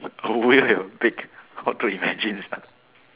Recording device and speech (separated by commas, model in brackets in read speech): telephone, conversation in separate rooms